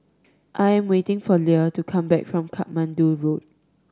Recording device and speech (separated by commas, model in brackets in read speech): standing microphone (AKG C214), read sentence